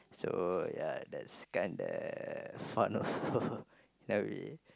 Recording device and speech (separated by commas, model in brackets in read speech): close-talking microphone, conversation in the same room